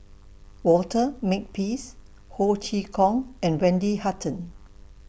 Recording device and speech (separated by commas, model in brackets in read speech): boundary microphone (BM630), read sentence